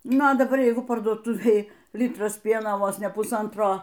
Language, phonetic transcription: Lithuanian, ˈnu a daˈbar ˈjeigu parduoˈtuvėj ˈlitras ˈpieno ˈvos ne puˈsantro

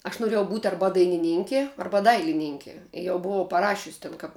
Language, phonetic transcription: Lithuanian, aš noˈrėjau būt ˈarba dainiˈninki ˈarba ˈdailininki jau buˈvau paˈrašius' ˈten kap

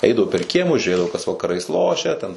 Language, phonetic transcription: Lithuanian, ˈeidavu per ˈkiemus žiūˈrėdavu kas vakaˈrais ˈlošia ten

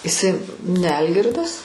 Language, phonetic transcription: Lithuanian, iˈsai ne ˈalgirdas

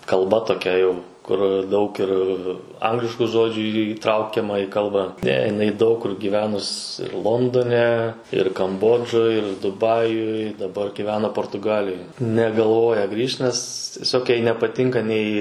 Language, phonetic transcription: Lithuanian, kalˈba toˈkia jau kur ˈdaug ir ˈanglišku ˈžodžiu įˈtraukiama į ˈkalbą ˈne jiˈnai daug kur gyˈvenus ir ˈlondone ir kamˈbodžoj ir duˈbajuj daˈbar gyˈvena portuˈgalijoj negalˈvoja ˈgrįžt nes tieˈsiog ˈjai nepaˈtinka nei

